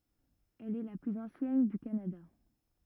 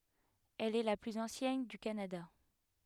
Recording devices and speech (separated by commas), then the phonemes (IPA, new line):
rigid in-ear microphone, headset microphone, read sentence
ɛl ɛ la plyz ɑ̃sjɛn dy kanada